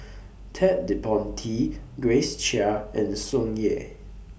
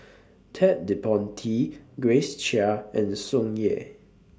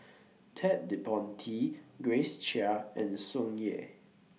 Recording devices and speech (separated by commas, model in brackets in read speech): boundary microphone (BM630), standing microphone (AKG C214), mobile phone (iPhone 6), read sentence